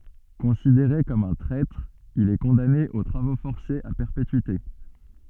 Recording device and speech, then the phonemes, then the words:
soft in-ear microphone, read sentence
kɔ̃sideʁe kɔm œ̃ tʁɛtʁ il ɛ kɔ̃dane o tʁavo fɔʁsez a pɛʁpetyite
Considéré comme un traître, il est condamné aux travaux forcés à perpétuité.

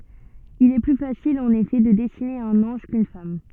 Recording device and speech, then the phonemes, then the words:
soft in-ear microphone, read sentence
il ɛ ply fasil ɑ̃n efɛ də dɛsine œ̃n ɑ̃ʒ kyn fam
Il est plus facile en effet de dessiner un ange quʼune femme.

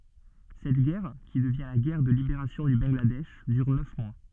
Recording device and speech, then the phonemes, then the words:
soft in-ear microphone, read sentence
sɛt ɡɛʁ ki dəvjɛ̃ la ɡɛʁ də libeʁasjɔ̃ dy bɑ̃ɡladɛʃ dyʁ nœf mwa
Cette guerre, qui devient la guerre de libération du Bangladesh, dure neuf mois.

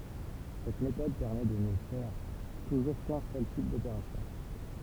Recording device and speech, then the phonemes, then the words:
temple vibration pickup, read sentence
sɛt metɔd pɛʁmɛ də nə fɛʁ tuʒuʁ kœ̃ sœl tip dopeʁasjɔ̃
Cette méthode permet de ne faire toujours qu'un seul type d'opération.

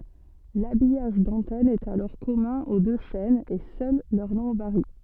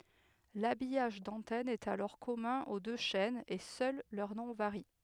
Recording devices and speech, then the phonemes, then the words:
soft in-ear microphone, headset microphone, read sentence
labijaʒ dɑ̃tɛn ɛt alɔʁ kɔmœ̃ o dø ʃɛnz e sœl lœʁ nɔ̃ vaʁi
L'habillage d'antenne est alors commun aux deux chaînes et seul leur nom varie.

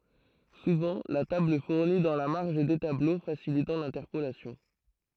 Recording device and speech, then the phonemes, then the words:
throat microphone, read sentence
suvɑ̃ la tabl fuʁni dɑ̃ la maʁʒ de tablo fasilitɑ̃ lɛ̃tɛʁpolasjɔ̃
Souvent la table fournit dans la marge des tableaux facilitant l'interpolation.

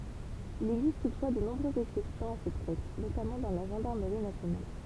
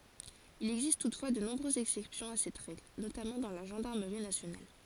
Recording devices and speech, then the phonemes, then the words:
temple vibration pickup, forehead accelerometer, read sentence
il ɛɡzist tutfwa də nɔ̃bʁøzz ɛksɛpsjɔ̃ a sɛt ʁɛɡl notamɑ̃ dɑ̃ la ʒɑ̃daʁməʁi nasjonal
Il existe toutefois de nombreuses exception à cette règle, notamment dans la Gendarmerie nationale.

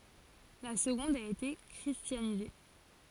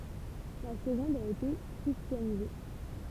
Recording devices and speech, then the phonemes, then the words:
forehead accelerometer, temple vibration pickup, read sentence
la səɡɔ̃d a ete kʁistjanize
La seconde a été christianisée.

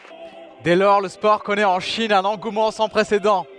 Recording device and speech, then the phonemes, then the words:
headset microphone, read sentence
dɛ lɔʁ lə spɔʁ kɔnɛt ɑ̃ ʃin œ̃n ɑ̃ɡumɑ̃ sɑ̃ pʁesedɑ̃
Dès lors le sport connaît en Chine un engouement sans précédent.

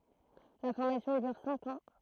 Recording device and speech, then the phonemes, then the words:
throat microphone, read sentence
la fɔʁmasjɔ̃ dyʁ sɛ̃k ɑ̃
La formation dure cinq ans.

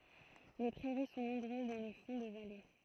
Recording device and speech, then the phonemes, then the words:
throat microphone, read sentence
le pʁɛʁi sɔ̃ nɔ̃bʁøz dɑ̃ le fɔ̃ də vale
Les prairies sont nombreuses dans les fonds de vallée.

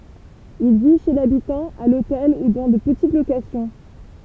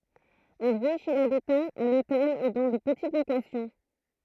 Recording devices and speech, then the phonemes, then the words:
temple vibration pickup, throat microphone, read sentence
il vi ʃe labitɑ̃ a lotɛl u dɑ̃ də pətit lokasjɔ̃
Il vit chez l'habitant, à l'hôtel ou dans de petites locations.

